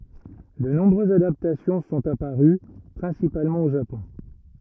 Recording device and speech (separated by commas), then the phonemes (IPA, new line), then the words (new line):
rigid in-ear microphone, read sentence
də nɔ̃bʁøzz adaptasjɔ̃ sɔ̃t apaʁy pʁɛ̃sipalmɑ̃ o ʒapɔ̃
De nombreuses adaptations sont apparues, principalement au Japon.